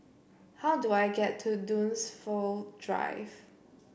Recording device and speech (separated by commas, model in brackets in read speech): boundary microphone (BM630), read sentence